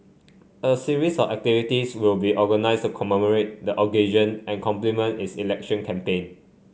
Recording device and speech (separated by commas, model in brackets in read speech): mobile phone (Samsung C5), read sentence